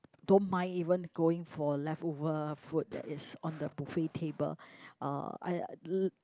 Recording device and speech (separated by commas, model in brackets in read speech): close-talking microphone, conversation in the same room